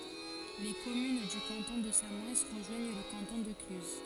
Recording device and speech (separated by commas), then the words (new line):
forehead accelerometer, read sentence
Les communes du canton de Samoëns rejoignent le canton de Cluses.